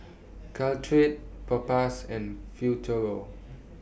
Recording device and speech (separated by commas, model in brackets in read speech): boundary microphone (BM630), read sentence